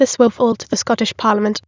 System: TTS, waveform concatenation